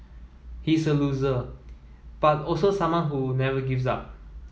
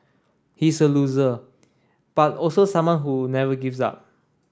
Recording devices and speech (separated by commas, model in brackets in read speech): mobile phone (iPhone 7), standing microphone (AKG C214), read sentence